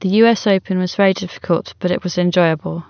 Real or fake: real